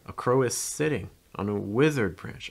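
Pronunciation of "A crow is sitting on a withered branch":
The stress is on the verb 'sitting'.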